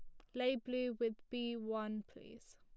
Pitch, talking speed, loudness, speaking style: 240 Hz, 165 wpm, -41 LUFS, plain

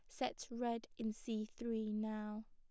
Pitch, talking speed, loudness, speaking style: 220 Hz, 155 wpm, -43 LUFS, plain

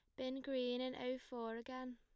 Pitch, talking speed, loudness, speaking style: 255 Hz, 205 wpm, -44 LUFS, plain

